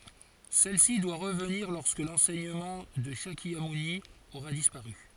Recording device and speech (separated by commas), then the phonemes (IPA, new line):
forehead accelerometer, read sentence
sɛl si dwa ʁəvniʁ lɔʁskə lɑ̃sɛɲəmɑ̃ də ʃakjamuni oʁa dispaʁy